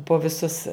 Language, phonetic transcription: Lithuanian, po viˈsus

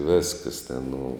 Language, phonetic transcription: Lithuanian, ˈviskəs ten nu

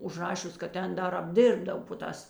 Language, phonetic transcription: Lithuanian, užˈrašius kad ˈten ˈdar apˈdirbdav po ˈtās

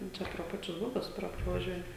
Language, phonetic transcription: Lithuanian, jau ˈčia pro ˈpačius ˈbubius ˈpra pravaˈžiuoja

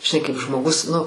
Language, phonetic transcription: Lithuanian, žiˈnai kaip žmoˈgus nu

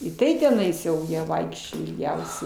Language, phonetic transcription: Lithuanian, i ˈtai teˈnais jau ˈjie ˈvaikščioj ilˈgiausiai

